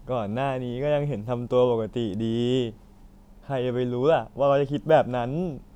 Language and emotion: Thai, happy